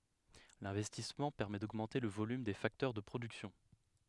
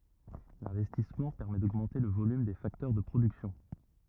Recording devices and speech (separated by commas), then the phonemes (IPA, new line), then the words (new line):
headset microphone, rigid in-ear microphone, read sentence
lɛ̃vɛstismɑ̃ pɛʁmɛ doɡmɑ̃te lə volym de faktœʁ də pʁodyksjɔ̃
L'investissement permet d'augmenter le volume des facteurs de production.